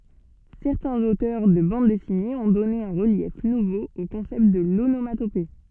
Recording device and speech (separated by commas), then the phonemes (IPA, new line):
soft in-ear microphone, read sentence
sɛʁtɛ̃z otœʁ də bɑ̃d dɛsinez ɔ̃ dɔne œ̃ ʁəljɛf nuvo o kɔ̃sɛpt də lonomatope